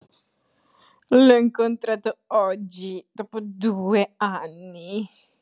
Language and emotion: Italian, disgusted